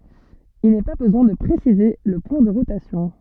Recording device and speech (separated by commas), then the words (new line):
soft in-ear microphone, read sentence
Il n'est pas besoin de préciser le point de rotation.